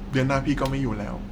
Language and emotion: Thai, sad